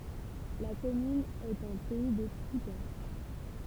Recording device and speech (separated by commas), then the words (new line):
temple vibration pickup, read sentence
La commune est en Pays de Coutances.